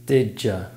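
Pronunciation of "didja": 'Did you' is said as 'didja': sounds change under the influence of the sounds next to them.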